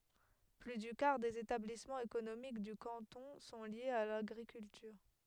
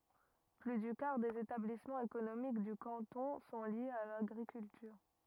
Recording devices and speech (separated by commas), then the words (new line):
headset microphone, rigid in-ear microphone, read sentence
Plus du quart des établissements économiques du canton sont liés à l'agriculture.